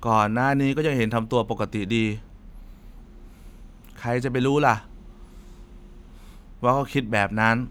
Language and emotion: Thai, frustrated